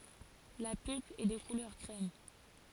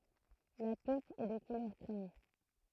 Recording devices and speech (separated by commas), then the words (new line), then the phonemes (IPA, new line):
forehead accelerometer, throat microphone, read sentence
La pulpe est de couleur crème.
la pylp ɛ də kulœʁ kʁɛm